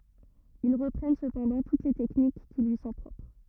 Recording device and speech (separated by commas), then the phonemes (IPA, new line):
rigid in-ear microphone, read sentence
il ʁəpʁɛn səpɑ̃dɑ̃ tut le tɛknik ki lyi sɔ̃ pʁɔpʁ